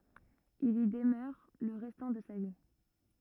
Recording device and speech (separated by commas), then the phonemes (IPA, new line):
rigid in-ear microphone, read sentence
il i dəmœʁ lə ʁɛstɑ̃ də sa vi